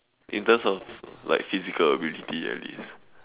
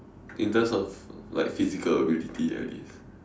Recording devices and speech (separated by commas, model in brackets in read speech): telephone, standing microphone, conversation in separate rooms